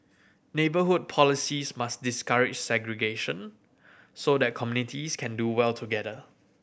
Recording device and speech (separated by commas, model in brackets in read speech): boundary microphone (BM630), read sentence